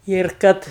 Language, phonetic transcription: Lithuanian, ir ˈkad

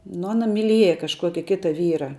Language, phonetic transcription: Lithuanian, nu ˈana miˈlieja kažˈkuoki ˈkita ˈvyra

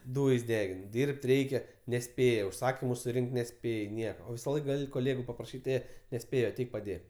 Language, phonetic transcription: Lithuanian, ˈdūjs' ˈdegin ˈdyrb't' ˈreikia neˈspėja užˈsakimu suˈrink't' neˈspėj ˈnieka o ˈvisa ˈlaika koˈlėgu papraˈšyt' ˈė neˈspėjo aˈteik paˈdėk

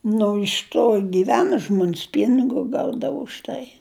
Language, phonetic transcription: Lithuanian, nu iš ˈto giˈvena ˈžmon's ˈpynigu ˈgaudavu už ˈtai

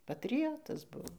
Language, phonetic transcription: Lithuanian, patriˈjotas ˈbuvo

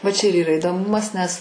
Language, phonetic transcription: Lithuanian, va čia ir yˈra idoˈmumas nes

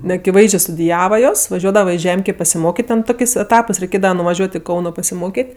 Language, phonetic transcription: Lithuanian, neakiˈvaizdžė studiˈjava ˈjos vaˈžiuodava i ˈžemkė pasiˈmokėt' ˈten ˈtokės' eˈtapɜs reiˈkėdava nuvaˈžiuot' i ˈkauno pasiˈmokėt'

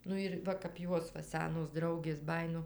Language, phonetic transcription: Lithuanian, ˈnu ir ˈva kap ˈjuos va ˈsenos ˈdraugės ˈbajino

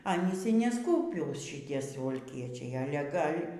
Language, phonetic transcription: Lithuanian, ˈanys y neˈskūpiūs šiˈtie suvalˈkiečiai ˈale ˈgal'

